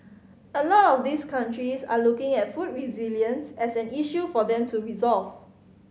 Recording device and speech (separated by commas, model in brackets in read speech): mobile phone (Samsung C5010), read sentence